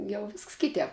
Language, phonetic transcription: Lithuanian, jau ˈvisks ˈkitēp

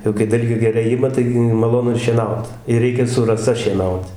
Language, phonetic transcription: Lithuanian, jau kai ˈdalgė geˈrai ˈima ˈtaigi maˈlonu ir šieˈnaut ir ˈreikia su raˈsa šieˈnaut

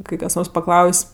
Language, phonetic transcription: Lithuanian, ˈkai kas ˈnors paˈklaus'

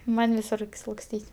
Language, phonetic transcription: Lithuanian, ˈman' viˈsur laksˈtyt'

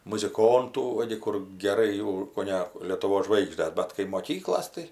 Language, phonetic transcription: Lithuanian, muziˈkontų ˈva gi kur geˈrai jau koˈne lietuˈvos ˈžvaigždes ˈbat kai moˈkyklos tai

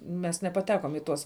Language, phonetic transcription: Lithuanian, mes nepaˈtekom i ˈtuos

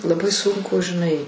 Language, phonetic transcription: Lithuanian, laˈbai ˈsunku žiˈnai

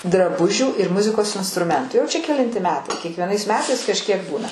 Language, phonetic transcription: Lithuanian, draˈbužių ir ˈmuzikos instruˈmentu jau čia keˈlinti ˈmetai kiekvieˈnais ˈmetais kažˈkiek ˈbūna

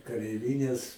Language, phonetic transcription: Lithuanian, kareiˈvines

